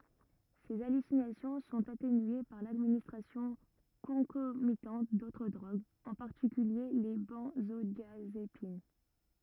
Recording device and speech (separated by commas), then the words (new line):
rigid in-ear microphone, read sentence
Ces hallucinations sont atténuées par l'administration concomitante d'autres drogues, en particulier les benzodiazépines.